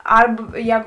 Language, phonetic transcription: Lithuanian, ˈarb ˈjēgu

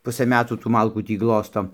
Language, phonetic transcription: Lithuanian, ˈpusɘ ˈmetų tų ˈmalkų ˈtį ˈglosto

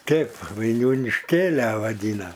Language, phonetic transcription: Lithuanian, ˈtėp vainiūnišˈkėlia vaˈdyna

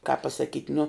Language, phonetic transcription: Lithuanian, kāp pasaˈkyt' nu

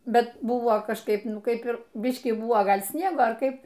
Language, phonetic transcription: Lithuanian, ˈbet ˈbuvo kažˈkaip ˈnu ˈkaip ir ˈbiškį ˈbuvo ˈgal' ˈsniego ar ˈkaip

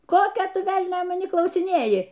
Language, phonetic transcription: Lithuanian, ˈkokio ˈtu ˈvelnio maˈnį klausiˈnėji

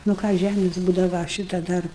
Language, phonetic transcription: Lithuanian, nu ˈką ˈžæmės ˈbūdava ˈšita ˈdar

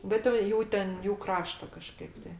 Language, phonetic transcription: Lithuanian, ˈbet jau ˈjų ten ˈjų ˈkrašta kaˈžkaip tai

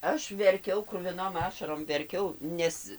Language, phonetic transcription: Lithuanian, ˈaš verˈkiau kruviˈnom ˈašarom verˈkiau ˈnes

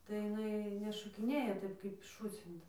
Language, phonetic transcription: Lithuanian, tai jiˈnai nešokiˈnėja ˈtaip kaip ˈšūcinta

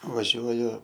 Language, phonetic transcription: Lithuanian, vaˈžiuoju

